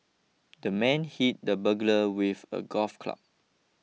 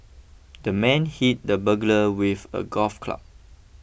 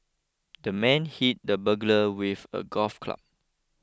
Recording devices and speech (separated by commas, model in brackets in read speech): mobile phone (iPhone 6), boundary microphone (BM630), close-talking microphone (WH20), read sentence